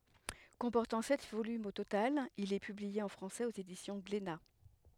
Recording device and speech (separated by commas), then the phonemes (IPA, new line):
headset microphone, read sentence
kɔ̃pɔʁtɑ̃ sɛt volymz o total il ɛ pyblie ɑ̃ fʁɑ̃sɛz oz edisjɔ̃ ɡlena